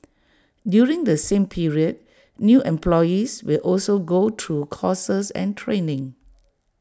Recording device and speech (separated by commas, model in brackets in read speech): standing microphone (AKG C214), read sentence